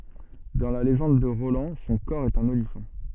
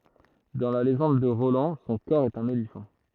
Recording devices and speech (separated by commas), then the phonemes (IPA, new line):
soft in-ear microphone, throat microphone, read sentence
dɑ̃ la leʒɑ̃d də ʁolɑ̃ sɔ̃ kɔʁ ɛt œ̃n olifɑ̃